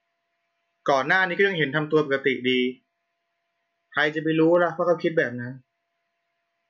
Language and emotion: Thai, neutral